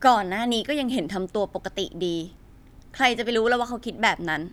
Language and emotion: Thai, angry